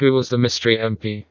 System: TTS, vocoder